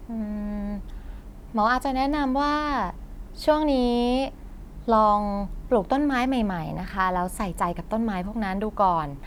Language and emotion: Thai, neutral